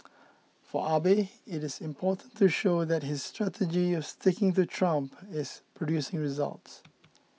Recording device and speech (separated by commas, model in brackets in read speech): mobile phone (iPhone 6), read sentence